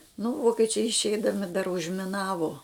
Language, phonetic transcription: Lithuanian, nu ˈvokečiai išˈeidami dar užmiˈnavo

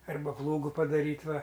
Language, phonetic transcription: Lithuanian, ˈarba ˈplūgu padaˈryt' ˈva

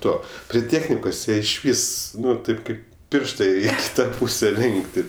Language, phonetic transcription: Lithuanian, ˈtuo pri ˈtėchnikos ˈjie išˈvis ˈnu ˈtaip ˈkaip ˈpiršta i ˈak's' ˈtą ˈpūse ˈlinkti

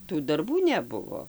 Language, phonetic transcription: Lithuanian, ˈtų darˈbų neˈbuvo

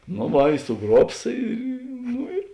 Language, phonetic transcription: Lithuanian, no ˈva i suˈgruobs ˈy ˈnu ir

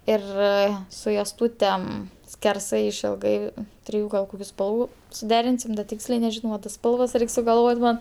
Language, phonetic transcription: Lithuanian, ˈir su josˈtūtem skerˈsai išilˈgai ˈtriju gal ˈkokiu ˈspalvu suˈderinsim da ˈtiksliai neˈžino va tas ˈspalvas ˈreik sugalˈvot' ˈman

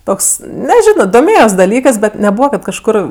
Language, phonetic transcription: Lithuanian, ˈtoks neˈženo doˈmėjos daˈlykɜs bet neˈbūva kad kažˈkur

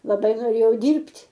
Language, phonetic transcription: Lithuanian, laˈbai noˈrėjau ˈdyrbt'

